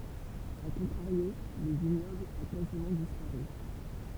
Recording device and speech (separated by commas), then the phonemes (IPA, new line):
temple vibration pickup, read sentence
a kɔ̃tʁaʁjo lə viɲɔbl a kazimɑ̃ dispaʁy